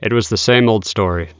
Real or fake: real